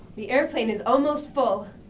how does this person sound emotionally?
neutral